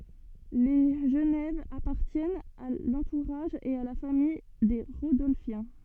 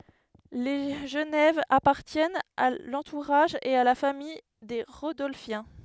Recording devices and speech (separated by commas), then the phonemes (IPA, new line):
soft in-ear microphone, headset microphone, read sentence
le ʒənɛv apaʁtjɛnt a lɑ̃tuʁaʒ e a la famij de ʁodɔlfjɛ̃